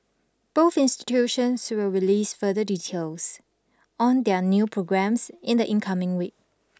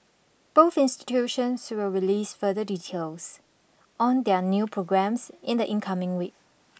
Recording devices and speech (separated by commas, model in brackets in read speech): standing microphone (AKG C214), boundary microphone (BM630), read sentence